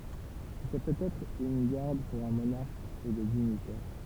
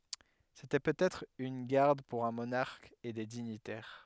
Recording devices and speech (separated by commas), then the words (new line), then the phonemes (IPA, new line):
temple vibration pickup, headset microphone, read sentence
C'était peut-être une garde pour un monarque et des dignitaires.
setɛ pøtɛtʁ yn ɡaʁd puʁ œ̃ monaʁk e de diɲitɛʁ